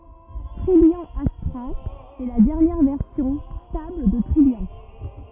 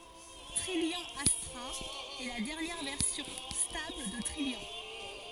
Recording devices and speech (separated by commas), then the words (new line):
rigid in-ear microphone, forehead accelerometer, read sentence
Trillian Astra est la dernière version stable de Trillian.